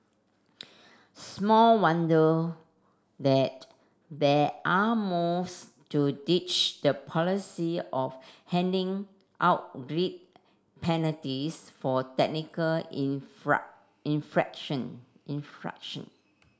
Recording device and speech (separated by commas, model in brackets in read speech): standing microphone (AKG C214), read sentence